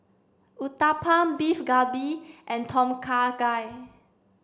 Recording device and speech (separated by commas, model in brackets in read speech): standing microphone (AKG C214), read sentence